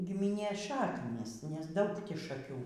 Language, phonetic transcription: Lithuanian, gimiˈnės ˈšaknys nes ˈdaug ˈtį šaˈkių

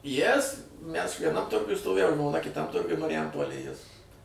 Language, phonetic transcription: Lithuanian, ˈjis ˈmæs vieˈnam ˈturguj stoˈvėjau žmoˈna kiˈtam ˈturguj mariˈjampolėj ˈjis

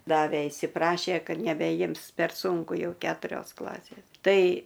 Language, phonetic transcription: Lithuanian, ˈdavė įsiˈprašė ˈkad nebeˈjims per ˈsūnku ˈjau ˈketurios ˈklasės ˈtai

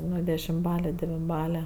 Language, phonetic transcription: Lithuanian, ˈnu dešimˈbale devinˈbale

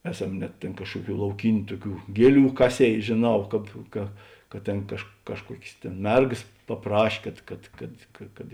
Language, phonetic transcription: Lithuanian, ˈeˌsam net ˈtėn ˈkažkuoˌkių lauˈkyniu ˈtuoˌkių ˈgieˌlių ˈkaˌsėi žėˈnau ˈkāp ka ka ˈtėn kažk ˈkažˌkuokės ˈtėn ˈmergas paˈpraš' ˈkad kad kad ka kad

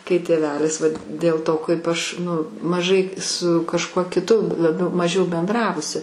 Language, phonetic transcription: Lithuanian, kai tėˈvelis ˈvat dėl ˈto kaip ˈaš nu maˈžai su kažˈkuo kiˈtu laˈbiau maˈžiau benˈdravusi

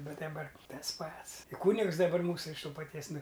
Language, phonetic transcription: Lithuanian, ˈbet daˈbar ˈtas ˈpats i ˈkūnigs daˈbar ˈmūsu iš ˈto paˈties ˈnu

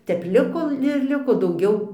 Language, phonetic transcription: Lithuanian, ˈtep ˈliko ir ˈliko dauˈgiau

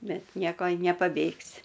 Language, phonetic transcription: Lithuanian, ˈbet ˈnieko i nepaˈbėgsi

